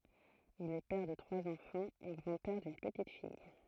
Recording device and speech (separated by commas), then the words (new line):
throat microphone, read sentence
Il est père de trois enfants et grand-père d'une petite-fille.